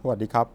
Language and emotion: Thai, neutral